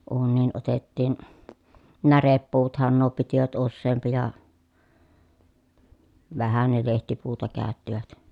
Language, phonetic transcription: Finnish, uunniin otettiin , näreppuutᵃhan nuo pitivät usseempi ja , vähä ne lehtipuuta kä̀öttivät .
- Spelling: uuniin otettiin närepuuthan nuo pitivät useampi ja vähän ne lehtipuuta käyttivät

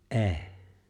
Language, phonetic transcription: Finnish, ’e̬e̬ !
- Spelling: ei

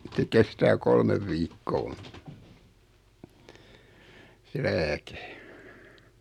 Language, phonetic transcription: Finnish, (ja) se 'kestää "kolmev 'viikkoo , se "lääke .
- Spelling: ja se kestää kolme viikkoa se lääke

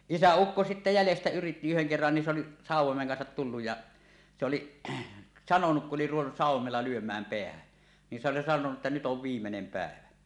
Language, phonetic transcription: Finnish, isä₍ukko sitte 'jälestä yritti 'yheŋ kerran ni se ‿oli , "sàuw̆womeŋ 'kansat 'tulluj ja , se oliˀ , 'sanonuk ku’ ’oli ruvennus "sàuw̆womella 'lyöm̀ääm "peähän , ni s ‿oli sanonu ˀettä » nyt ov "viimmenem 'pä̀evä .
- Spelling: isäukko sitten jäljestä yritti yhden kerran niin se oli sauvoimen kanssa tullut ja se oli sanonut kun oli ruvennut sauvoimella lyömään päähän niin se oli sanonut että nyt on viimeinen päivä

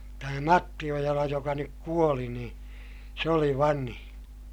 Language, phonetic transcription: Finnish, tämä Matti Ojala joka nyk kuoli nii , se oli vanhiḭ .
- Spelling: tämä Matti Ojala joka nyt kuoli niin se oli vanhin

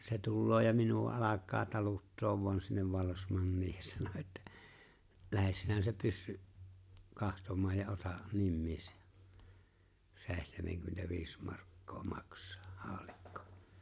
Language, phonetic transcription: Finnish, se 'tulloo ja 'minu₍a 'alak̆kaa 'taluttoov voan sinnev 'vallesmannii ja 'sano että , » 'lähes sinä se 'pyssy’ , "kahtom̀aa ja 'ota’ , 'nimmiis , 'se̬e̬htemeŋkymmentä'viis markkoo 'makśᴀᴀ , 'haaᵒlikkᴏ « .
- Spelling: se tulee ja minua alkaa taluttaa vain sinne vallesmanniin ja sanoi että lähde sinä se pyssy katsomaan ja ota nimiisi seitsemänkymmentäviisi markkaa maksaa haulikko

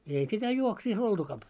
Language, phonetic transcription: Finnish, èi sitä 'juoksiis 'oltuka ‿p- ,.
- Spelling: ei sitä juovuksissa oltukaan -

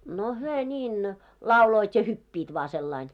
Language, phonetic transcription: Finnish, no hyö ńiin , "lauloit ja 'hyppiit vaa sellain .
- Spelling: no he niin lauloivat ja hyppivät vain sillä lailla

